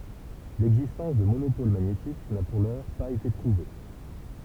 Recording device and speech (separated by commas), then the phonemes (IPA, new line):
temple vibration pickup, read sentence
lɛɡzistɑ̃s də monopol maɲetik na puʁ lœʁ paz ete pʁuve